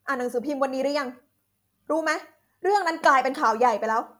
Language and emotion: Thai, angry